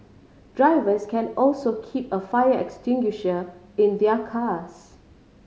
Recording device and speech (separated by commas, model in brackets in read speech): mobile phone (Samsung C5010), read sentence